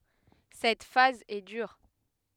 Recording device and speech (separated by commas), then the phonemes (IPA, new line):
headset microphone, read sentence
sɛt faz ɛ dyʁ